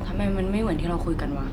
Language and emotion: Thai, frustrated